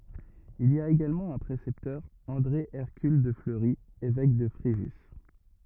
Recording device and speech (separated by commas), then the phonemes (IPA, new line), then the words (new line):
rigid in-ear microphone, read sentence
il i a eɡalmɑ̃ œ̃ pʁesɛptœʁ ɑ̃dʁe ɛʁkyl də fləʁi evɛk də fʁeʒys
Il y a également un précepteur, André Hercule de Fleury, évêque de Fréjus.